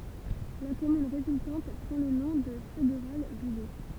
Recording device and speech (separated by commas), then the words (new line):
temple vibration pickup, read sentence
La commune résultante prend le nom de Feuguerolles-Bully.